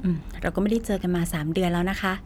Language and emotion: Thai, neutral